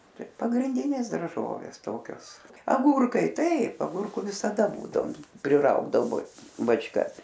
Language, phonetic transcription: Lithuanian, ˈtai pagrinˈdinės darˈžovės ˈtokios aˈgūrkai ˈtaip aˈgurku visaˈda ˈbūdaom priˈraugdavo bačˈkas

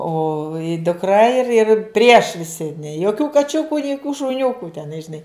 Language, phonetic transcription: Lithuanian, ˈo dukˈra ir ir prieš viˈsi nė joˈkių kaˈčiuku ni joˈkių šuˈniukų teˈnai žiˈnai

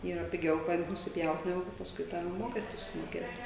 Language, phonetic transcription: Lithuanian, ˈyra piˈgiau ˈkad nusiˈpjaut neˈgu ka pasˈkui tą ˈmokesti sumoˈkėt

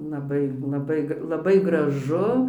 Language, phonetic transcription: Lithuanian, laˈbai laˈbai laˈbai graˈžu

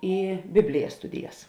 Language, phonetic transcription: Lithuanian, i ˈbiblijas ˈstudijas

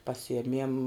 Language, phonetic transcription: Lithuanian, paˈsijemiem

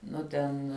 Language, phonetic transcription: Lithuanian, ˈnu ten

